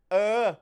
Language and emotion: Thai, angry